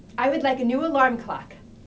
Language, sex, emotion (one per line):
English
female
neutral